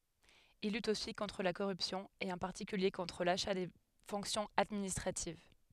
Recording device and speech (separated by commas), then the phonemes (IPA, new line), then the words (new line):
headset microphone, read sentence
il lyt osi kɔ̃tʁ la koʁypsjɔ̃ e ɑ̃ paʁtikylje kɔ̃tʁ laʃa de fɔ̃ksjɔ̃z administʁativ
Il lutte aussi contre la corruption et en particulier contre l’achat des fonctions administratives.